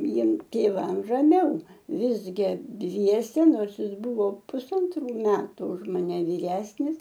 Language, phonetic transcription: Lithuanian, ˈjiem tėˈvam raˈmiau ˈvisgi ˈdviese ˈnors ˈjis ˈbuvo pusanˈtrų ˈmetu už maˈne vyˈresnis

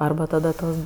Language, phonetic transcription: Lithuanian, ˈarba tada ˈtos

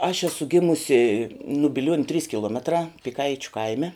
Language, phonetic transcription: Lithuanian, aš ˈesu ˈgimusi nu biˈliuoniu trys kiˈluometrā piˈkaičiu ˈkaime

